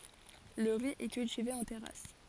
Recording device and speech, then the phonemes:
forehead accelerometer, read sentence
lə ʁi ɛ kyltive ɑ̃ tɛʁas

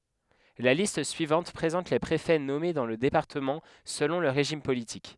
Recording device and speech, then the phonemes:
headset microphone, read sentence
la list syivɑ̃t pʁezɑ̃t le pʁefɛ nɔme dɑ̃ lə depaʁtəmɑ̃ səlɔ̃ lə ʁeʒim politik

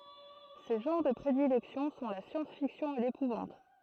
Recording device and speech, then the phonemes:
throat microphone, read sentence
se ʒɑ̃ʁ də pʁedilɛksjɔ̃ sɔ̃ la sjɑ̃sfiksjɔ̃ e lepuvɑ̃t

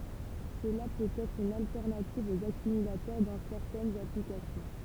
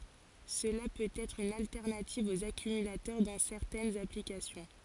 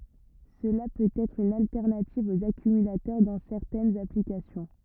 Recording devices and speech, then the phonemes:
temple vibration pickup, forehead accelerometer, rigid in-ear microphone, read sentence
səla pøt ɛtʁ yn altɛʁnativ oz akymylatœʁ dɑ̃ sɛʁtɛnz aplikasjɔ̃

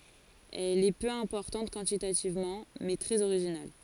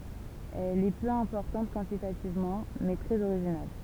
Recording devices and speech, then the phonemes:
forehead accelerometer, temple vibration pickup, read sentence
ɛl ɛ pø ɛ̃pɔʁtɑ̃t kwɑ̃titativmɑ̃ mɛ tʁɛz oʁiʒinal

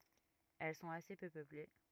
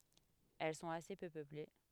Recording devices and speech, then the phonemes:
rigid in-ear microphone, headset microphone, read sentence
ɛl sɔ̃t ase pø pøple

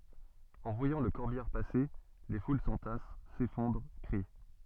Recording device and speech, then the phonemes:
soft in-ear microphone, read sentence
ɑ̃ vwajɑ̃ lə kɔʁbijaʁ pase le ful sɑ̃tas sefɔ̃dʁ kʁi

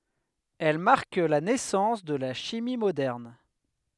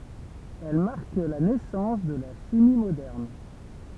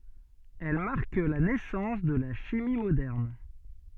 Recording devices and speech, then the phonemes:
headset microphone, temple vibration pickup, soft in-ear microphone, read sentence
ɛl maʁk la nɛsɑ̃s də la ʃimi modɛʁn

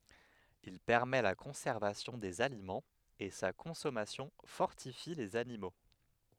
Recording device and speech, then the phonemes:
headset microphone, read sentence
il pɛʁmɛ la kɔ̃sɛʁvasjɔ̃ dez alimɑ̃z e sa kɔ̃sɔmasjɔ̃ fɔʁtifi lez animo

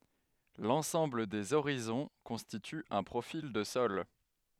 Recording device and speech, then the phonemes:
headset microphone, read sentence
lɑ̃sɑ̃bl dez oʁizɔ̃ kɔ̃stity œ̃ pʁofil də sɔl

